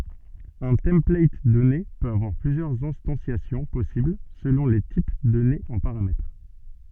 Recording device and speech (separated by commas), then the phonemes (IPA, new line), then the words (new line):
soft in-ear microphone, read sentence
œ̃ tɑ̃plat dɔne pøt avwaʁ plyzjœʁz ɛ̃stɑ̃sjasjɔ̃ pɔsibl səlɔ̃ le tip dɔnez ɑ̃ paʁamɛtʁ
Un template donné peut avoir plusieurs instanciations possibles selon les types donnés en paramètres.